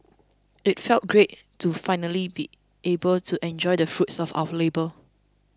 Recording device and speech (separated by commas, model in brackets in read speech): close-talking microphone (WH20), read sentence